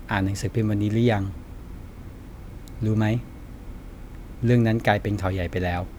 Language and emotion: Thai, neutral